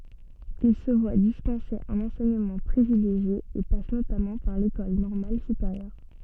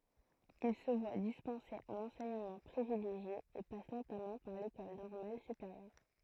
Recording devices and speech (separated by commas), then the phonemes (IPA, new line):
soft in-ear microphone, throat microphone, read sentence
il sə vwa dispɑ̃se œ̃n ɑ̃sɛɲəmɑ̃ pʁivileʒje e pas notamɑ̃ paʁ lekɔl nɔʁmal sypeʁjœʁ